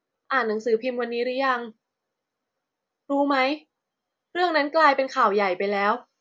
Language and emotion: Thai, frustrated